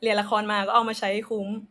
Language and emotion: Thai, neutral